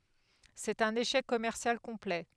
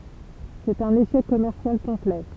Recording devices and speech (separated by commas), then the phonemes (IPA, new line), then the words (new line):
headset microphone, temple vibration pickup, read sentence
sɛt œ̃n eʃɛk kɔmɛʁsjal kɔ̃plɛ
C'est un échec commercial complet.